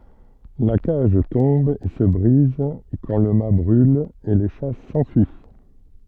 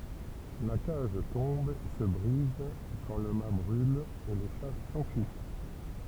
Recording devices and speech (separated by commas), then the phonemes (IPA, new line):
soft in-ear microphone, temple vibration pickup, read sentence
la kaʒ tɔ̃b e sə bʁiz kɑ̃ lə mat bʁyl e le ʃa sɑ̃fyi